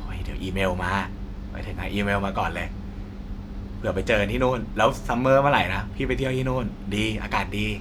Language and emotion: Thai, happy